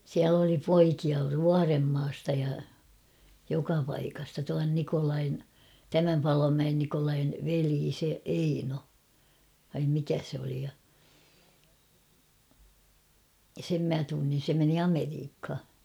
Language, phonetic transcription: Finnish, 'siäl ‿oli 'poikia "Vuaremmaasta ja , 'joka paikasta tuan 'Nikolain , "tämäm 'Palomäen Nikolain , 'velii se 'Eino , vaim 'mikä se oli ja , 'sem mä 'tunnin̬ se meni "Ameriikha .
- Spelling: siellä oli poikia Vuorenmaasta ja joka paikasta tuon Nikolain tämän Palomäen Nikolain veli se Eino vai mikä se oli ja sen minä tunsin se meni Amerikkaan

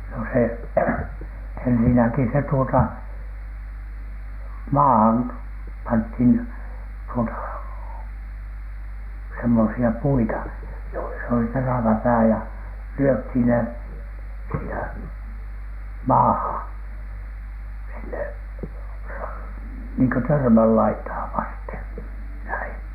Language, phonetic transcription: Finnish, no se , ensinäki se tuota , "maahan , panthin , tuota , semmosi₍a 'puita , joisa oli 'terävä 'pää ja , 'lyöthìn ne , siinä "maahan , sinne ra- , niiŋkö 'törmällaitaa vasten , näin .
- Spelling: no se ensinnäkin se tuota maahan pantiin tuota semmoisia puita joissa oli terävä pää ja lyötiin ne siinä maahan sinne - niin kuin törmänlaitaa vasten näin

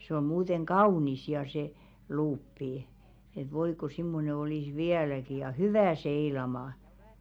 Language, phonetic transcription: Finnish, se om̆ 'muuteŋ "kaunis 'ja se , 'luuppi , et 'voi ko simmone olìs 'viäläki ja "hyvä̀ 'seilama .
- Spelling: se on muuten kaunis ja se luuppi että voi kun semmoinen olisi vieläkin ja hyvä seilaamaan

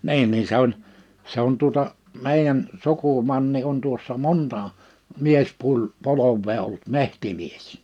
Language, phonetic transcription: Finnish, 'ni̬in nin 'se ‿oĺ , 'se ‿on tuᵒta , 'mèijän , 'suku'manni on tuossa "monta , 'miespuĺ- , 'polov̆vee ollut "mehtimies .
- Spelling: niin niin se oli se on tuota meidän sukumanni on tuossa monta - miespolvea ollut metsämies

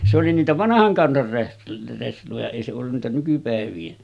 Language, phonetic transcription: Finnish, se oli niitä 'vanahaŋ 'kansar reh- resloja èi se ollun nä̀etä nykypä̀ev̀iin .
- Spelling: se oli niitä vanhan kansan - resloja ei se ollut näitä nykypäivien

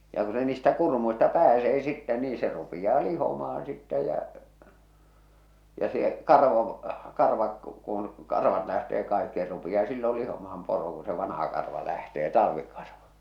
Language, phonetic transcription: Finnish, ja ku se niistä 'kurmuista "pääsee sittɛ nii se rupiʲaa 'lihoma₍an sittä jä , ja se , 'karvo , 'karvak , kun̬ , 'karvat lähtee kaikki se rupi₍aa sillol 'lihomaham 'poro ku se 'vanaha karva lähtee 'talᵃvi karva .
- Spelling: ja kun se niistä kurmuista pääsee sitten niin se rupeaa lihomaan sitten ja ja se karva karvakin kun karvat lähtee kaikki se rupeaa silloin lihomaan poro kun se vanha karva lähtee talvi karva

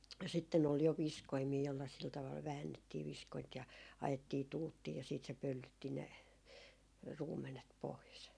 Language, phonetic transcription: Finnish, 'sitten ‿ol jo "viskoimii jolla sil taval "väännettii 'viskoint ja 'ajettii "tuuttii ja siit se 'pöllytti ne , 'ruum̆menet pois .
- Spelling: sitten oli jo viskoimia jolla sillä tavalla väännettiin viskointa ja ajettiin tuuttiin ja sitten se pöllytti ne ruumenet pois

